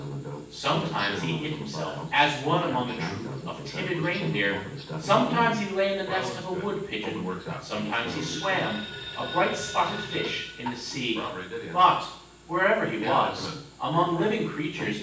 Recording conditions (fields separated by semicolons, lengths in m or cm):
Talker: one person; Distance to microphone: 9.8 m; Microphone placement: far; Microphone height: 1.8 m; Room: large; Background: television